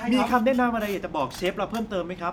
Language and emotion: Thai, happy